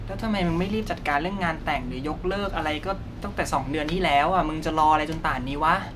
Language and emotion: Thai, frustrated